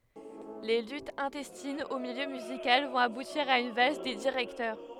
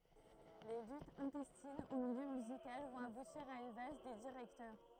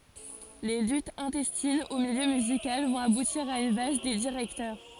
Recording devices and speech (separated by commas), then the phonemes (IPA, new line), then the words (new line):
headset microphone, throat microphone, forehead accelerometer, read sentence
le lytz ɛ̃tɛstinz o miljø myzikal vɔ̃t abutiʁ a yn vals de diʁɛktœʁ
Les luttes intestines au milieu musical vont aboutir à une valse des directeurs.